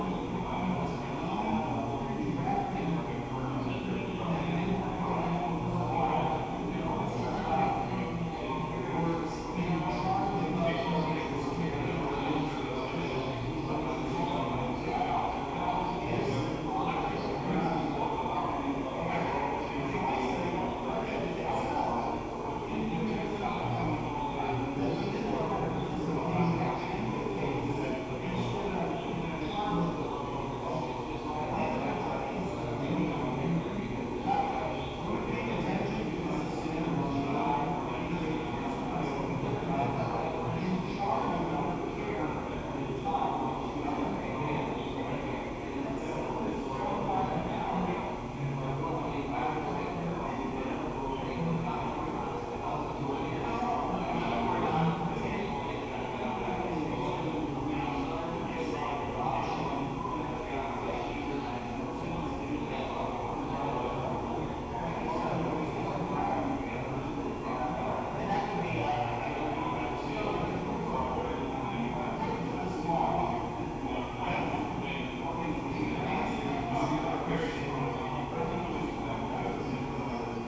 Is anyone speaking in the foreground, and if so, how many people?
No one.